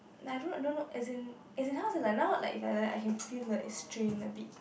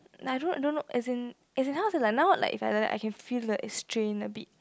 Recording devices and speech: boundary microphone, close-talking microphone, conversation in the same room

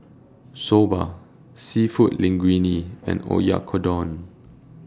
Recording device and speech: standing microphone (AKG C214), read sentence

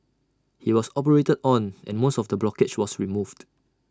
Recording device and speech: standing microphone (AKG C214), read sentence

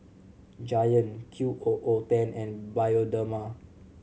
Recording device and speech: mobile phone (Samsung C7100), read sentence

